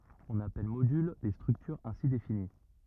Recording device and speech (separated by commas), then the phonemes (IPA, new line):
rigid in-ear microphone, read sentence
ɔ̃n apɛl modyl le stʁyktyʁz ɛ̃si defini